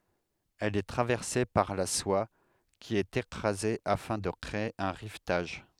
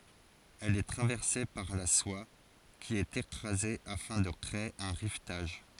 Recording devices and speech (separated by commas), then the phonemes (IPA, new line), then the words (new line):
headset microphone, forehead accelerometer, read sentence
ɛl ɛ tʁavɛʁse paʁ la swa ki ɛt ekʁaze afɛ̃ də kʁee œ̃ ʁivtaʒ
Elle est traversée par la soie qui est écrasée afin de créer un rivetage.